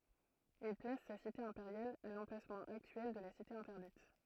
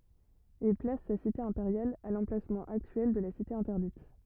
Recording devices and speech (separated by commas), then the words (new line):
throat microphone, rigid in-ear microphone, read sentence
Il place sa cité impériale à l'emplacement actuel de la Cité interdite.